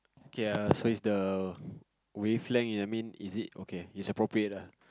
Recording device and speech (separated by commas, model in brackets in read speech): close-talking microphone, conversation in the same room